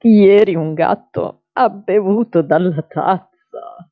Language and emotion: Italian, sad